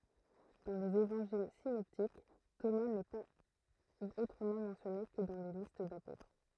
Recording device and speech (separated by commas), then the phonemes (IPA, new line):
throat microphone, read sentence
dɑ̃ lez evɑ̃ʒil sinɔptik toma nɛ paz otʁəmɑ̃ mɑ̃sjɔne kə dɑ̃ le list dapotʁ